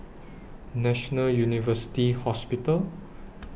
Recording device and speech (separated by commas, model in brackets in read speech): boundary microphone (BM630), read sentence